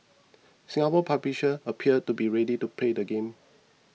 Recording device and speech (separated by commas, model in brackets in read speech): mobile phone (iPhone 6), read sentence